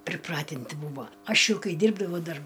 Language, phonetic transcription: Lithuanian, priˈpratinti ˈbūvo ˈaš ˈjau ˈkai ˈdyrbdavau ˈdar

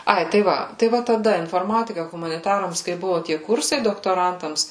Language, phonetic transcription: Lithuanian, ˈai tai ˈva tai ˈva taˈda inforˈmatika humaniˈtarams kai ˈbuvo tie ˈkursai doktoˈrantams

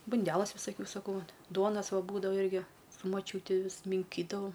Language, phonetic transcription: Lithuanian, bunˈdelas visaˈkių saˈkau va ˈduonas ˈva ˈbūdava ˈirgi su maˈčiūti ˈvis minˈkydavau

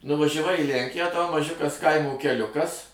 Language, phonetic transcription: Lithuanian, nuvažæˈvai į ˈlænkiją tau maˈžiukas ˈkaimo keˈliukas

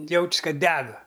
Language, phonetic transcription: Lithuanian, ˈjauč's ˈkad ˈdega

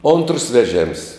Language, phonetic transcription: Lithuanian, ontrs veˈžėms

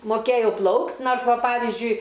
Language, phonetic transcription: Lithuanian, moˈkėjau ˈplaukt' ˈnors ˈva ˈpavyzdžiui

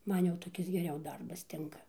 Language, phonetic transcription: Lithuanian, ˈman jau toˈkis geˈriau ˈdarbas ˈtinka

